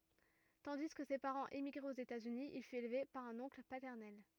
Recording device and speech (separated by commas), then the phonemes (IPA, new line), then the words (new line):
rigid in-ear microphone, read sentence
tɑ̃di kə se paʁɑ̃z emiɡʁɛt oz etaz yni il fyt elve paʁ œ̃n ɔ̃kl patɛʁnɛl
Tandis que ses parents émigraient aux États-Unis, il fut élevé par un oncle paternel.